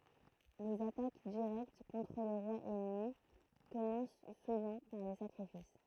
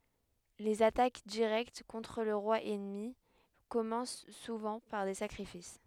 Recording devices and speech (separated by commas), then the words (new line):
throat microphone, headset microphone, read sentence
Les attaques directes contre le roi ennemi commencent souvent par des sacrifices.